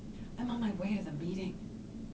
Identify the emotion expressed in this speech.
neutral